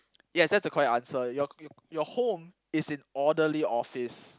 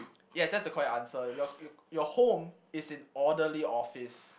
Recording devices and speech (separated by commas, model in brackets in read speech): close-talking microphone, boundary microphone, conversation in the same room